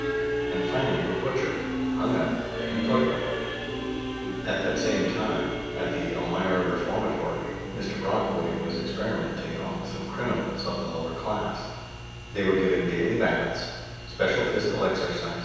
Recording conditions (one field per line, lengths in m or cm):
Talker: one person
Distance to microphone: 7.1 m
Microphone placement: far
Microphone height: 1.7 m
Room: very reverberant, large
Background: music